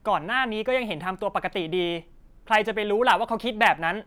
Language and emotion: Thai, frustrated